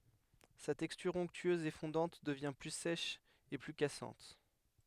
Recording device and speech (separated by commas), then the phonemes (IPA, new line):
headset microphone, read sentence
sa tɛkstyʁ ɔ̃ktyøz e fɔ̃dɑ̃t dəvjɛ̃ ply sɛʃ e ply kasɑ̃t